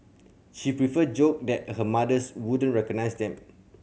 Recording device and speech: mobile phone (Samsung C7100), read sentence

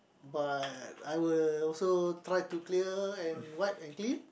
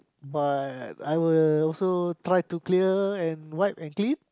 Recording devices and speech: boundary microphone, close-talking microphone, conversation in the same room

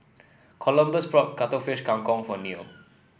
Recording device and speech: boundary microphone (BM630), read sentence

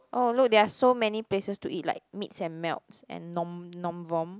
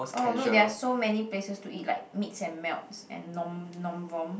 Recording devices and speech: close-talking microphone, boundary microphone, conversation in the same room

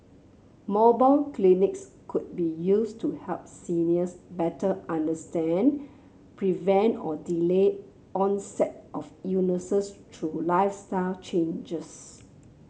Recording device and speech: mobile phone (Samsung C7), read sentence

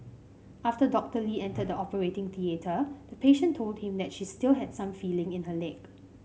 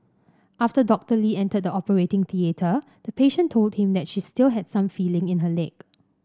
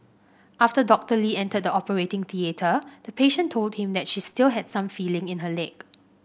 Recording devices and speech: mobile phone (Samsung C5), standing microphone (AKG C214), boundary microphone (BM630), read sentence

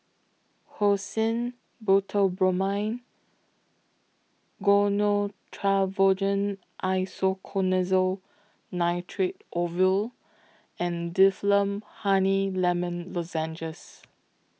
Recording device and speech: mobile phone (iPhone 6), read sentence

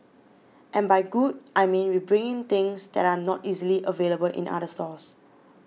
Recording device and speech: mobile phone (iPhone 6), read sentence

